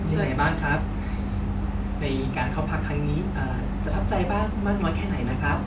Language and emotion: Thai, neutral